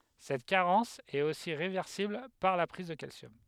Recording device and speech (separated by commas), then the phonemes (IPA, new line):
headset microphone, read sentence
sɛt kaʁɑ̃s ɛt osi ʁevɛʁsibl paʁ la pʁiz də kalsjɔm